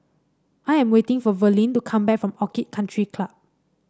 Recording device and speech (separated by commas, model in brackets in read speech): standing microphone (AKG C214), read sentence